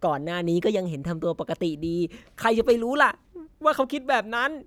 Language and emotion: Thai, frustrated